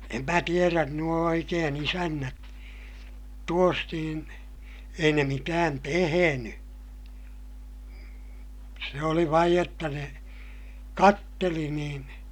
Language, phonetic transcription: Finnish, em mä tierän nuo oikeen ‿isännät , tuos niin , ei ne mitään teheny , se oli vaij jotta ne , katteli niin ,.
- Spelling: en minä tiedä nuo oikein isännät tuossa niin ei ne mitään tehnyt se oli vain jotta ne katseli niin

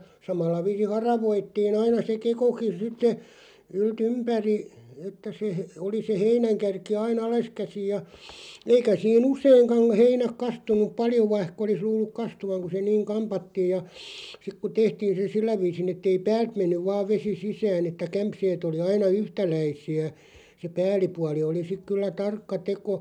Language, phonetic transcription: Finnish, 'samalla 'viisin̬ "haravoittiin 'aina se "kekokin̬ 'sitte , 'ylt"ympäri , että se , oli se "heinäŋkärki 'ai"n ‿aleskäsij ja , 'eikä sii"n ‿useiŋkaŋ̳§ 'heinäk 'kastun̆nuᵖ 'paljo 'vaihk ‿olis 'luulluk "kastuvaŋ ku se "niiŋ 'kampattiij ja , sik ku 'tehtiin̬ se 'sillä viisin ‿ettei "päält 'mennyv vaav 'vesi 'sisään ‿että 'kämpseet ‿oli 'aina "yhtäläisi₍ä , se "pääl̆lipuali oli sik kyllä "tarkka 'teko ,.
- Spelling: samalla viisin haravoitiin aina se kekokin sitten yltympäri että se oli se heinänkärki aina alaskäsin ja eikä siinä useinkaan heinät kastunut paljon vaikka olisi luullut kastuvan kun se niin kammattiin ja sitten kun tehtiin se sillä viisin että ei päältä mennyt vain vesi sisään että kämseet oli aina yhtäläisiä se päällipuoli oli sitten kyllä tarkka teko

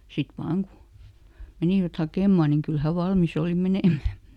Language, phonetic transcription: Finnish, sit "vaaŋ ku , ˈmenìvät "hakèmman niŋ ˈkyl ˈhä "valmiˈs ‿òli "menèm̆mä .
- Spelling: sitten vain kun menivät hakemaan niin kyllä hän valmis oli menemään

